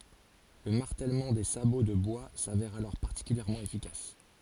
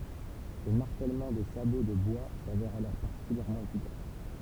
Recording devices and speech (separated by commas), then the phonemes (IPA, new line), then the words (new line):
forehead accelerometer, temple vibration pickup, read sentence
lə maʁtɛlmɑ̃ de sabo də bwa savɛʁ alɔʁ paʁtikyljɛʁmɑ̃ efikas
Le martèlement des sabots de bois s'avère alors particulièrement efficace.